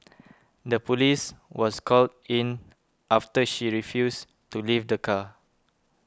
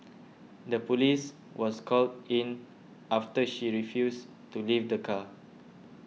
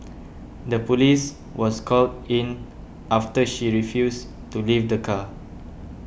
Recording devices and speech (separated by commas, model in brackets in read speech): close-talking microphone (WH20), mobile phone (iPhone 6), boundary microphone (BM630), read sentence